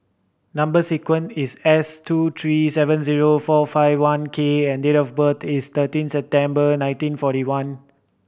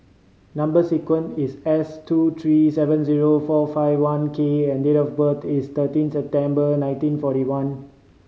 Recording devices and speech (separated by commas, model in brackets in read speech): boundary microphone (BM630), mobile phone (Samsung C5010), read sentence